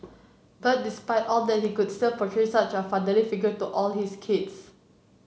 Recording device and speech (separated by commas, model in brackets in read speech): mobile phone (Samsung C7), read sentence